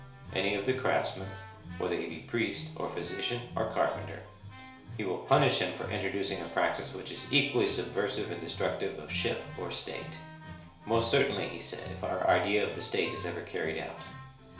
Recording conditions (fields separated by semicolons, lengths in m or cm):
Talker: one person; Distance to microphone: 1.0 m; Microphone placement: close; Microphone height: 1.1 m; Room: small (3.7 m by 2.7 m); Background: music